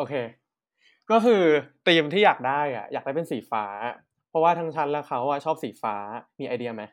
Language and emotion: Thai, neutral